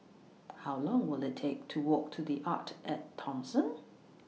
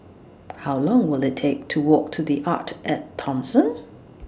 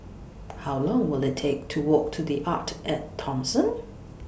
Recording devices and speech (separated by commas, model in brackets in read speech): mobile phone (iPhone 6), standing microphone (AKG C214), boundary microphone (BM630), read sentence